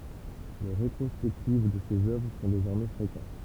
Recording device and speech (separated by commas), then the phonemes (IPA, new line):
temple vibration pickup, read sentence
le ʁetʁɔspɛktiv də sez œvʁ sɔ̃ dezɔʁmɛ fʁekɑ̃t